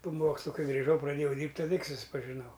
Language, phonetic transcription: Lithuanian, po ˈmokslu ˈkai griˈžau praˈdėjau ˈdyrbt' taˈda tik suspažiˈnau

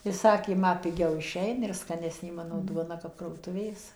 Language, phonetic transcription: Lithuanian, i ˈsakė ˈma piˈgiau iˈšeina ir skaˈnesnė ˈmano ˈduona kap ˌkrautuˈvės

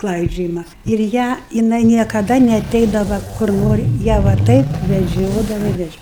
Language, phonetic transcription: Lithuanian, ˈklaidžiojima ir ˈją jiˈnai niekaˈda neaˈteidava kur ˈnori ˈją va ˈtaip veˈdžiodava i veˈdžio

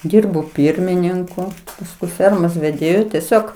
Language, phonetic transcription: Lithuanian, ˈdyrbo ˈpyrmininku pasˈkui ˈfermos veˈdėju teˈsiog

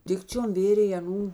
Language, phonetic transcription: Lithuanian, ˈdikčiom ˈvėrėj aˈnų

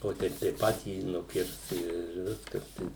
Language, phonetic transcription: Lithuanian, o ˈteip tai ˈpatį nuˈkirs ir ˈviskas tai

